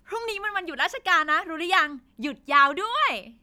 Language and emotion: Thai, happy